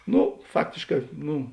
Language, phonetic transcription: Lithuanian, ˈnu ˈfaktėšˌkā ˈnu

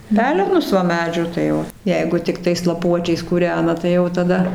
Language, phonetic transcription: Lithuanian, ˈpelenus va ˈmedžių tai ˈo ˈjeigu tikˈtais laˈpuočiais kūˈrena tai ˈjau taˈda

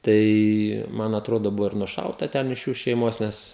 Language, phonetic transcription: Lithuanian, ˈtai ˈman atˈrodo ˈbuvo ir nuˈšauta ˈten iš ˈjų šeiˈmos ˈnes

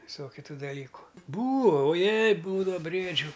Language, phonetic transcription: Lithuanian, viˈsokiu ˈtų daˈlyku ˈbūo o ˈjei ˈbūdava ˈbriedžiu

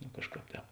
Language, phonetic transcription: Lithuanian, no ˈkažˌkāp ˈtēp

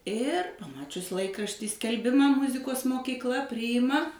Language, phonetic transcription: Lithuanian, ir paˈmačius ˈlaikrašty skelˈbima ˈmuzikos mokykˈla ˈpryima

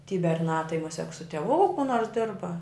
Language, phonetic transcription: Lithuanian, ty berˈnā tai muˈsiek su tieˈvū ku nors ˈdirba

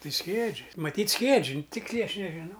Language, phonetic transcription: Lithuanian, ˈtai ˈskiedži maˈtyt ˈskiedži ˈtiksliai ˈaš nežiˈnau

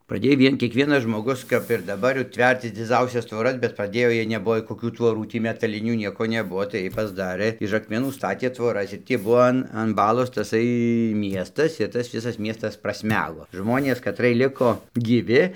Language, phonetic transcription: Lithuanian, praˈdėj ˈvien kiekˈvienas žmoˈgus kap ir daˈbar jau ˈtvercis dziˈdzausias tvoˈras bet praˈdėjo ˈjiej neˈbuvo koˈkių tvoˈrų ˈtį metaˈlinių ˈnieko neˈbuvo tai ˈjiej pasˈdarɘ iš akmeˈnų ˈstatė tvoˈras ir tį ˈbuvo an an ˈbalos taˈsai ˈmiestas ir ˈtas ˈvisas ˈmiestas prasˈmego ˈžmonės kaˈtrɨɜj ˈliko gyˈvi

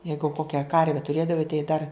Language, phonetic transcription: Lithuanian, ˈjeigu ˈkokia ˈkarve tuˈrėdavai tai dar

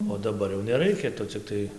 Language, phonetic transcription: Lithuanian, o daˈbar jau neˈraikia ˈtu cikˈtai

